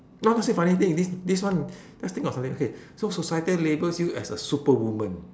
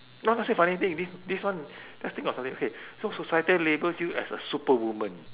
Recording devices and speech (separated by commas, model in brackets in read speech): standing microphone, telephone, conversation in separate rooms